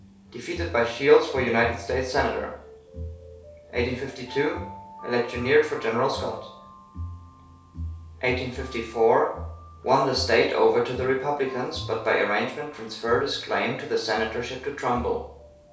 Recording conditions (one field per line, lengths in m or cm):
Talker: one person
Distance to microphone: 3.0 m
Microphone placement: far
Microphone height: 1.8 m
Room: small (3.7 m by 2.7 m)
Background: music